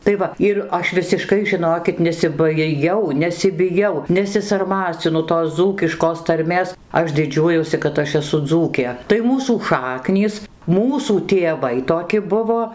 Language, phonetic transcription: Lithuanian, tai ˈva ir ˈaš visiˈškai žiˈnokit nesibaiˈjau nesibiˈjau nesisarˈmacinu tos ˈdzūkiškos tarˈmės ˈaš diˈdžiuojuosi kad ˈaš eˈsu ˈdzūkė tai ˈmūsų ˈšaknys ˈmūsų tėˈvai toˈki ˈbuvo

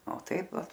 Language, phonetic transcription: Lithuanian, o ˈtaip ˈva

